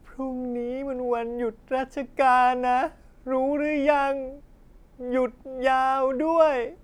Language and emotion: Thai, sad